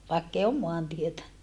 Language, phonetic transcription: Finnish, vàekkei om moantietä .
- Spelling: vaikka ei ole maantietä

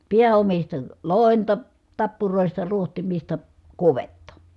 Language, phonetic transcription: Finnish, piä₍omista , lòenta , tappuròista ruohtimista , kuvetta .
- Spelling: pääomista loimea tappuroista rohtimista kudetta

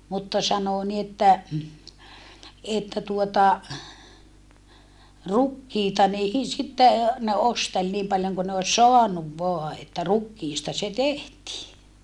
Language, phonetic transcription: Finnish, mutta sanò ni että , että tuota , rukkiita nii sitte , ne ostel niim paljoŋ kun ne os soanuv voa että rukkiista se tehtii .
- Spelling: mutta sanoi niin että että tuota rukiita niin sitten ne osteli niin paljon kuin ne olisi saanut vain että rukiista se tehtiin

